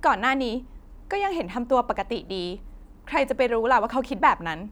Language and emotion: Thai, frustrated